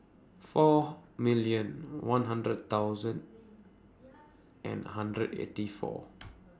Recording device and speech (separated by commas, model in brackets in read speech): standing microphone (AKG C214), read sentence